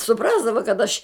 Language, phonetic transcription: Lithuanian, suˈprasdava kad aš

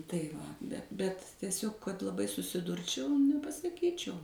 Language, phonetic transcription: Lithuanian, tai ˈva bet tieˈsiog kad laˈbai susiˈdurčiau nepasaˈkyčiau

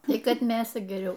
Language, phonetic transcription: Lithuanian, ˈtį ˈkad ˈmėsa geˈriau

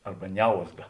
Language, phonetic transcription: Lithuanian, ˈarba ˈniauzga

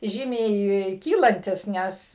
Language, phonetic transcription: Lithuanian, ˈžymiai ˈkylantis ˈnes

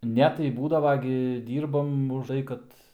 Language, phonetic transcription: Lithuanian, ˈne tai ˈbūdava gi ˈdyrbam užˈtai kad

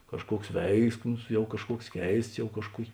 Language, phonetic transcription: Lithuanian, kažˈkuoks ˈveiksmus ˈjau kažˈkuoks ˈkeists ˈjau kažˈkuok'

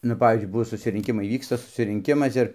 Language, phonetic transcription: Lithuanian, nu ˈpavyzdžiui ˈbuvo susirinˈkimai ˈvyksta susirinˈkimas ˈir

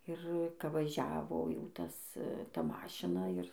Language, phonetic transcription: Lithuanian, ir ˈka vaˈžiavo jau ˈtas ˈta ˈmašina ir

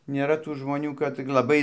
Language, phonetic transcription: Lithuanian, nėˈra tų žmoˈnių kad cik laˈbai

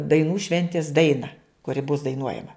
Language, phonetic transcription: Lithuanian, daiˈnų ˈšventis ˈdaina kuˈri bus daiˈnuojama

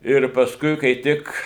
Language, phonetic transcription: Lithuanian, ir pasˈkui kai ˈtik

